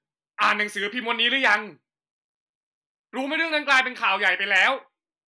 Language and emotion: Thai, angry